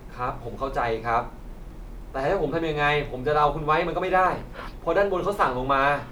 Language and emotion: Thai, frustrated